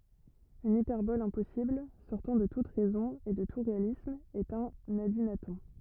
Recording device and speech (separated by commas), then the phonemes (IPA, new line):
rigid in-ear microphone, read sentence
yn ipɛʁbɔl ɛ̃pɔsibl sɔʁtɑ̃ də tut ʁɛzɔ̃ e də tu ʁealism ɛt œ̃n adinatɔ̃